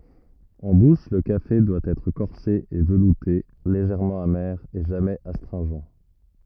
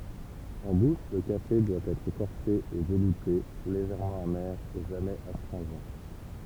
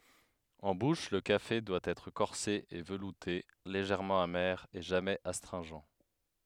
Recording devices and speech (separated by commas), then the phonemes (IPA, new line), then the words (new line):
rigid in-ear microphone, temple vibration pickup, headset microphone, read sentence
ɑ̃ buʃ lə kafe dwa ɛtʁ kɔʁse e vəlute leʒɛʁmɑ̃ ame e ʒamɛz astʁɛ̃ʒɑ̃
En bouche, le café doit être corsé et velouté, légèrement amer et jamais astringent.